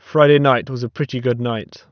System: none